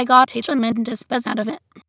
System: TTS, waveform concatenation